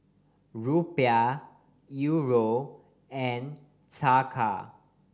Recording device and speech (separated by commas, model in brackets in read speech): standing microphone (AKG C214), read sentence